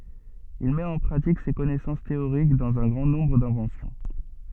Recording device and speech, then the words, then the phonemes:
soft in-ear microphone, read sentence
Il met en pratique ses connaissances théoriques dans un grand nombre d'inventions.
il mɛt ɑ̃ pʁatik se kɔnɛsɑ̃s teoʁik dɑ̃z œ̃ ɡʁɑ̃ nɔ̃bʁ dɛ̃vɑ̃sjɔ̃

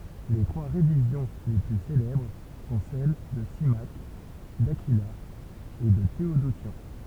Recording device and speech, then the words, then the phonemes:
temple vibration pickup, read sentence
Les trois révisions les plus célèbres sont celles de Symmaque, d'Aquila et de Théodotion.
le tʁwa ʁevizjɔ̃ le ply selɛbʁ sɔ̃ sɛl də simak dakila e də teodosjɔ̃

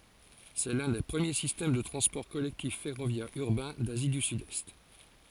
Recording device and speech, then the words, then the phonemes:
forehead accelerometer, read sentence
C'est l'un des premiers systèmes de transports collectifs ferroviaires urbains d'Asie du Sud-Est.
sɛ lœ̃ de pʁəmje sistɛm də tʁɑ̃spɔʁ kɔlɛktif fɛʁovjɛʁz yʁbɛ̃ dazi dy sydɛst

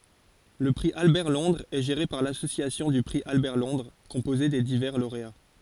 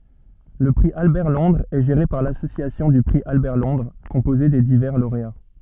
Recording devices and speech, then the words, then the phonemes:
forehead accelerometer, soft in-ear microphone, read sentence
Le prix Albert-Londres est géré par l'Association du prix Albert-Londres, composée des divers lauréats.
lə pʁi albɛʁtlɔ̃dʁz ɛ ʒeʁe paʁ lasosjasjɔ̃ dy pʁi albɛʁtlɔ̃dʁ kɔ̃poze de divɛʁ loʁea

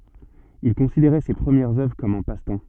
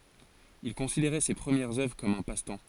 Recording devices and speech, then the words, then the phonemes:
soft in-ear microphone, forehead accelerometer, read sentence
Il considérait ses premières œuvres comme un passe-temps.
il kɔ̃sideʁɛ se pʁəmjɛʁz œvʁ kɔm œ̃ pastɑ̃

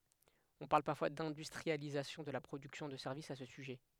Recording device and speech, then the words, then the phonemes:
headset microphone, read sentence
On parle parfois d'industrialisation de la production de services à ce sujet.
ɔ̃ paʁl paʁfwa dɛ̃dystʁializasjɔ̃ də la pʁodyksjɔ̃ də sɛʁvisz a sə syʒɛ

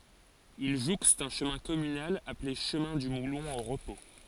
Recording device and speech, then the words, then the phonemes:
forehead accelerometer, read sentence
Il jouxte un chemin communal appelé chemin du Moulon au repos.
il ʒukst œ̃ ʃəmɛ̃ kɔmynal aple ʃəmɛ̃ dy mulɔ̃ o ʁəpo

